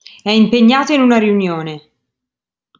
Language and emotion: Italian, angry